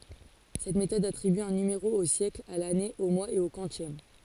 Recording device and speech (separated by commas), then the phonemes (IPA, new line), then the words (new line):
forehead accelerometer, read sentence
sɛt metɔd atʁiby œ̃ nymeʁo o sjɛkl a lane o mwaz e o kwɑ̃sjɛm
Cette méthode attribue un numéro au siècle, à l'année, au mois et au quantième.